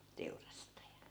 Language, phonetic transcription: Finnish, 'teurastaja .
- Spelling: teurastaja

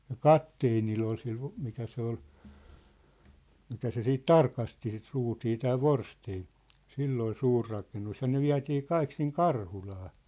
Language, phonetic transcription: Finnish, ja "katteenill ‿ol sil ho- , 'mikä se ‿ol , 'mikä se siit "tarkasti sit 'ruutii 'tää "Vorsteen , 'sill ‿ol "suur rakennus ja ne "viä̭tii "kaik siŋ "Karhulaa .
- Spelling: ja kapteenilla oli sillä - mikä se oli mikä se sitten tarkasti sitä ruutia tämä Forstén sillä oli suuri rakennus ja ne vietiin kaikki sinne Karhulaan

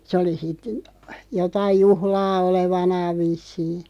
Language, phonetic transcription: Finnish, sᵉ oli sit , 'jotaiʲ "juhlaa 'olevanaaᵛ 'vissii .
- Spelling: se oli sitten jotakin juhlaa olevanaan vissiin

